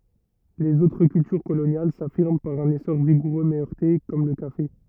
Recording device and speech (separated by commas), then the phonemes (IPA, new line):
rigid in-ear microphone, read sentence
lez otʁ kyltyʁ kolonjal safiʁm paʁ œ̃n esɔʁ viɡuʁø mɛ œʁte kɔm lə kafe